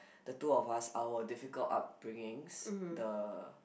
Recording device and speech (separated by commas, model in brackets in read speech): boundary microphone, conversation in the same room